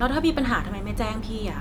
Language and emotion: Thai, frustrated